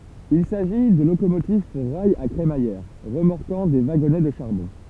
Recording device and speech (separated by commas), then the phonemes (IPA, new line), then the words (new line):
temple vibration pickup, read sentence
il saʒi də lokomotiv puʁ ʁajz a kʁemajɛʁ ʁəmɔʁkɑ̃ de vaɡɔnɛ də ʃaʁbɔ̃
Il s'agit de locomotives pour rails à crémaillère, remorquant des wagonnets de charbon.